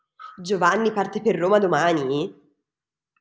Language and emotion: Italian, surprised